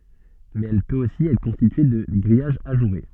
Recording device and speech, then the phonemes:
soft in-ear microphone, read sentence
mɛz ɛl pøt osi ɛtʁ kɔ̃stitye də ɡʁijaʒ aʒuʁe

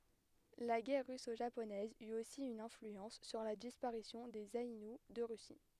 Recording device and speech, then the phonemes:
headset microphone, read sentence
la ɡɛʁ ʁyso ʒaponɛz yt osi yn ɛ̃flyɑ̃s syʁ la dispaʁisjɔ̃ dez ainu də ʁysi

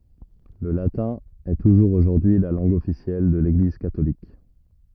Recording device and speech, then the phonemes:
rigid in-ear microphone, read sentence
lə latɛ̃ ɛ tuʒuʁz oʒuʁdyi y la lɑ̃ɡ ɔfisjɛl də leɡliz katolik

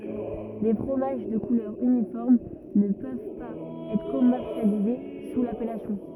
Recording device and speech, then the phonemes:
rigid in-ear microphone, read sentence
le fʁomaʒ də kulœʁ ynifɔʁm nə pøv paz ɛtʁ kɔmɛʁsjalize su lapɛlasjɔ̃

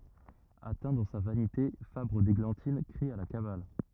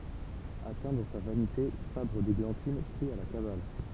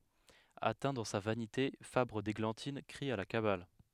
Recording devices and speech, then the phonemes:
rigid in-ear microphone, temple vibration pickup, headset microphone, read sentence
atɛ̃ dɑ̃ sa vanite fabʁ deɡlɑ̃tin kʁi a la kabal

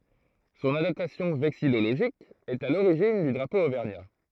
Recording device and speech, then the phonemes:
throat microphone, read sentence
sɔ̃n adaptasjɔ̃ vɛksijoloʒik ɛt a loʁiʒin dy dʁapo ovɛʁɲa

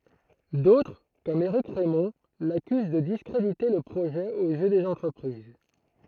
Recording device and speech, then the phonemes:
throat microphone, read sentence
dotʁ kɔm eʁik ʁɛmɔ̃ lakyz də diskʁedite lə pʁoʒɛ oz jø dez ɑ̃tʁəpʁiz

